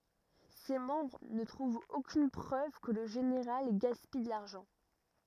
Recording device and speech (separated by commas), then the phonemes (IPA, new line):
rigid in-ear microphone, read sentence
se mɑ̃bʁ nə tʁuvt okyn pʁøv kə lə ʒeneʁal ɡaspij də laʁʒɑ̃